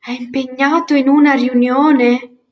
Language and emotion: Italian, surprised